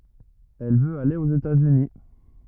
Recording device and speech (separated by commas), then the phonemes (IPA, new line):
rigid in-ear microphone, read sentence
ɛl vøt ale oz etatsyni